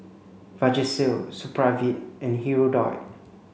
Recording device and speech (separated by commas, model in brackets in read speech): mobile phone (Samsung C5), read sentence